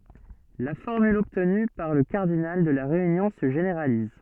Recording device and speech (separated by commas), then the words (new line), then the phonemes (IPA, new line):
soft in-ear microphone, read sentence
La formule obtenue pour le cardinal de la réunion se généralise.
la fɔʁmyl ɔbtny puʁ lə kaʁdinal də la ʁeynjɔ̃ sə ʒeneʁaliz